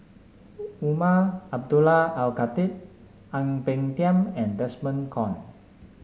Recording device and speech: mobile phone (Samsung S8), read sentence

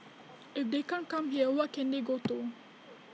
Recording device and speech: mobile phone (iPhone 6), read sentence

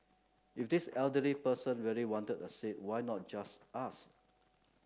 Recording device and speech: close-talking microphone (WH30), read sentence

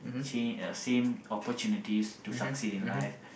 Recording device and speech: boundary microphone, conversation in the same room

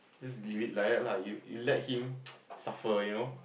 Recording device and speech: boundary microphone, conversation in the same room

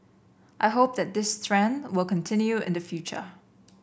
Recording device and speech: boundary microphone (BM630), read sentence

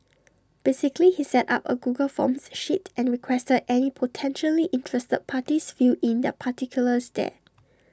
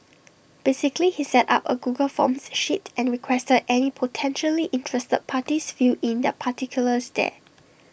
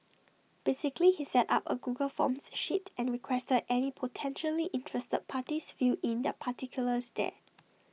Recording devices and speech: standing microphone (AKG C214), boundary microphone (BM630), mobile phone (iPhone 6), read sentence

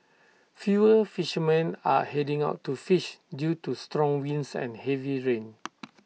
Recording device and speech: mobile phone (iPhone 6), read sentence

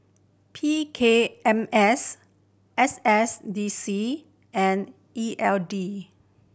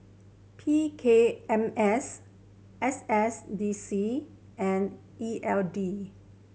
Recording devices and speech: boundary microphone (BM630), mobile phone (Samsung C7100), read sentence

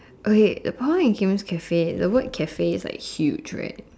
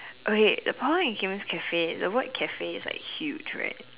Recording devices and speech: standing microphone, telephone, conversation in separate rooms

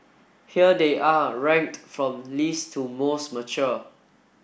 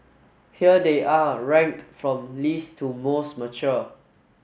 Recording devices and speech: boundary microphone (BM630), mobile phone (Samsung S8), read sentence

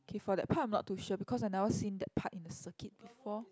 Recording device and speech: close-talking microphone, conversation in the same room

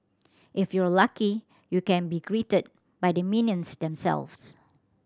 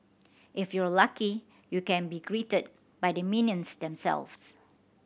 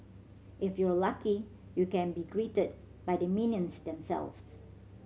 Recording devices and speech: standing microphone (AKG C214), boundary microphone (BM630), mobile phone (Samsung C7100), read sentence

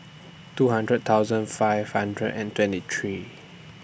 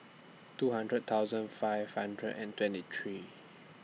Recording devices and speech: boundary microphone (BM630), mobile phone (iPhone 6), read sentence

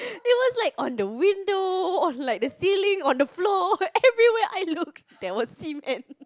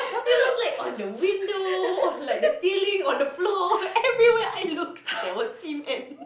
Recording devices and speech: close-talking microphone, boundary microphone, conversation in the same room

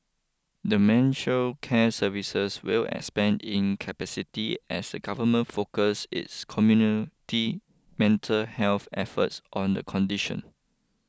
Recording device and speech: close-talking microphone (WH20), read sentence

